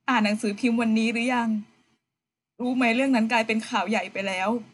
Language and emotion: Thai, sad